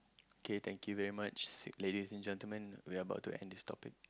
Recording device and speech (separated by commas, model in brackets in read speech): close-talking microphone, conversation in the same room